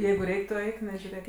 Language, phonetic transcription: Lithuanian, ˈjeigu ˈreik' tu ˈeik nežiuˈrėk

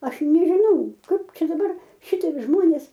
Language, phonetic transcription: Lithuanian, ˈaš nežiˈnau ˈkaip ˈčia daˈbar ˈšitiek ˈžmonės

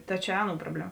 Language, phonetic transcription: Lithuanian, ˈta čia ˈaˌnų ˈprobleˌma

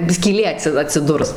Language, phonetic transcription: Lithuanian, skyˈlė ˈatsi atsiˈdurs

